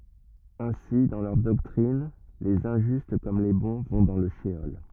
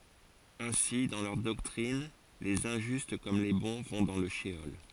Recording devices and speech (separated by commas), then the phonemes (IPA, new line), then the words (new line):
rigid in-ear microphone, forehead accelerometer, read sentence
ɛ̃si dɑ̃ lœʁ dɔktʁin lez ɛ̃ʒyst kɔm le bɔ̃ vɔ̃ dɑ̃ lə ʃəɔl
Ainsi, dans leur doctrine, les injustes comme les bons vont dans le sheol.